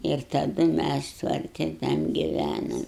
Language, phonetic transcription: Lithuanian, ir taˈdu ˈmæs tvarˈti tam giˈvænom

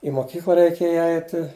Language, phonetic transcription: Lithuanian, i moˈkykla reiˈkėja ˈaiti

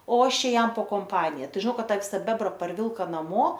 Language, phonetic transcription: Lithuanian, o ˈaš ˈčia ˈjam po komˈpanija ˈtai žiˈnau ˈkad ˈtą ˈvisa ˈbebra parˈvilka naˈmo

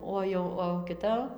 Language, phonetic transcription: Lithuanian, ˈo jau o kiˈta

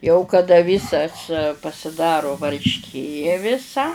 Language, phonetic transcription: Lithuanian, jau kaˈda ˈvysas pasiˈdaru varšˈkė viˈsa

